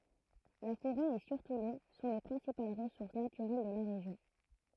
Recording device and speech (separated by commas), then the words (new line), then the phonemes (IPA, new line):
throat microphone, read sentence
La forêt, et surtout l’eau, sont les principales ressources naturelles de la région.
la foʁɛ e syʁtu lo sɔ̃ le pʁɛ̃sipal ʁəsuʁs natyʁɛl də la ʁeʒjɔ̃